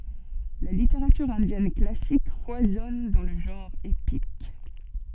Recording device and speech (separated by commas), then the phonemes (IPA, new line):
soft in-ear microphone, read sentence
la liteʁatyʁ ɛ̃djɛn klasik fwazɔn dɑ̃ lə ʒɑ̃ʁ epik